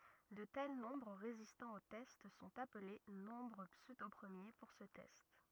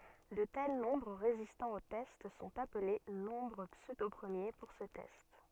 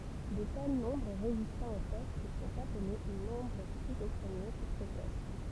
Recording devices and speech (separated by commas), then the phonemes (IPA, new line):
rigid in-ear microphone, soft in-ear microphone, temple vibration pickup, read sentence
də tɛl nɔ̃bʁ ʁezistɑ̃ o tɛst sɔ̃t aple nɔ̃bʁ psødopʁəmje puʁ sə tɛst